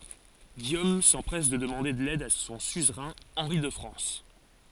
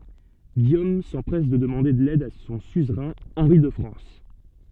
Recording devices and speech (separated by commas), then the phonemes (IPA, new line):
forehead accelerometer, soft in-ear microphone, read sentence
ɡijom sɑ̃pʁɛs də dəmɑ̃de lɛd də sɔ̃ syzʁɛ̃ ɑ̃ʁi də fʁɑ̃s